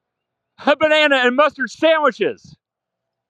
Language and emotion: English, happy